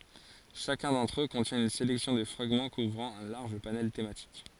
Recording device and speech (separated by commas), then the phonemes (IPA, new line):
forehead accelerometer, read sentence
ʃakœ̃ dɑ̃tʁ ø kɔ̃tjɛ̃ yn selɛksjɔ̃ də fʁaɡmɑ̃ kuvʁɑ̃ œ̃ laʁʒ panɛl tematik